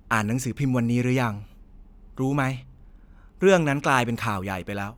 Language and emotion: Thai, neutral